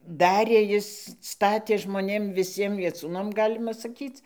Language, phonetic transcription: Lithuanian, ˈdarė ˈjis ˈstatė žmoˈnėm viˈsiem vieˈcūnam ˈgalima saˈkyc

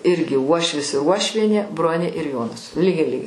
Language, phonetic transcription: Lithuanian, ˈirgi ˈuošvis ir ˈuošvienė ˈbronė ir ˈjonas ˈlygiai ˈlygiai

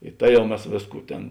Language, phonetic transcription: Lithuanian, i ˈta ˈjau ˈmes ˈvėsˌkų ˈtėn

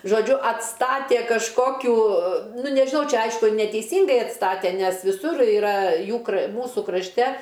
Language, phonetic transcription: Lithuanian, žoˈdžiu atˈstatė kažˈkokių ˈnu nežiˈnau ˈčia ˈaišku neteiˈsyngai atˈstate nes viˈsur iˈra ˈjų kr ˈmūsu krašˈte

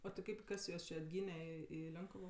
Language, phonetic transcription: Lithuanian, o ti ˈkaip ˈkas juos či atˈgyne ˈi i ˈlionkuvo

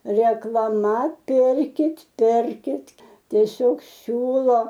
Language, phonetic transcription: Lithuanian, reklaˈma ˈpirkit' ˈpirkit' tieˈsiog ˈsiūlo

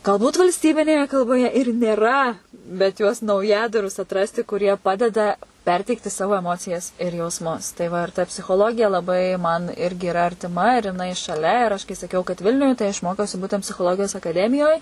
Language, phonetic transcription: Lithuanian, galˈbūt valsˈtybinėje kalboˈje ir nėˈra bet juos nauˈjadarus atˈrasti kuˈrie ˈpadeda ˈperteikti ˈsavo eˈmocijas ir jausˈmus tai va ir ta psichoˈlogija laˈbai man ˈirgi iˈra artiˈma ir jiˈnai šaˈlia ir ˈaš kai saˈkiau kad ˈvilniuj tai aš ˈmokiausi ˈbūtent psichoˈlogijos akaˈdemijoj

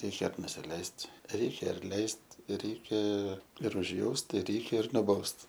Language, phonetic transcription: Lithuanian, ˈreikia nusiˈleist' ˈreikia arˈleist' ˈreikia ir užˈjaust i ˈreikia ir nuˈbaust

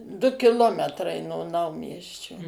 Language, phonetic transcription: Lithuanian, du kiˈlometrai no ˈnaumiesčio

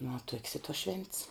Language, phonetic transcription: Lithuanian, nu va tuok's i tuos švent's

